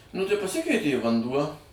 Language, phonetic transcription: Lithuanian, nu tai paˈsikeitė i vanˈduo

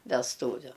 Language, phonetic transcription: Lithuanian, vesˈtūviu

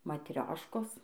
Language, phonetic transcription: Lithuanian, matˈrioškos

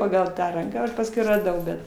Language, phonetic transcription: Lithuanian, ˈpagal ˈtą ˈranką ˈaš pasˈkui raˈdau ˈbet

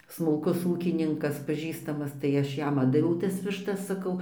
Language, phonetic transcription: Lithuanian, smulˈkus ˈūkininkas paˈžįstamas tai ˈaš ˈjam ˈatdaviau tas višˈtas saˈkau

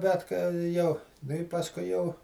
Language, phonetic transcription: Lithuanian, bet ka ˈjau ˈnu i pasˈkui jau

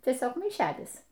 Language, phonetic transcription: Lithuanian, tieˈsiog maiˈšelis

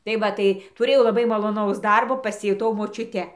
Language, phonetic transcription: Lithuanian, tai ˈva tai tuˈrėjau laˈbai maloˈnaus ˈdarbo pasijuˈtau močiuˈte

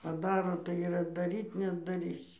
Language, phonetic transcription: Lithuanian, paˈdaro tai ir atdaˈryt neatdaˈrysi

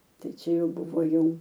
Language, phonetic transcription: Lithuanian, ˈtai ˈčia ˈjau ˈbuvo ˈjau

